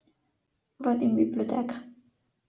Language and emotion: Italian, sad